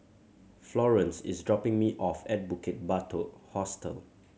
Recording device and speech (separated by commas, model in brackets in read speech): mobile phone (Samsung C7100), read sentence